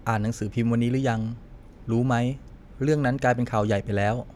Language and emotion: Thai, neutral